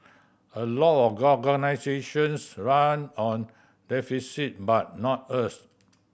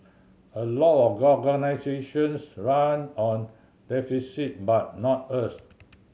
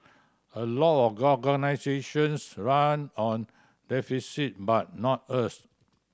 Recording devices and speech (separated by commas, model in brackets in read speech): boundary microphone (BM630), mobile phone (Samsung C7100), standing microphone (AKG C214), read sentence